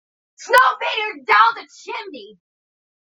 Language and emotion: English, disgusted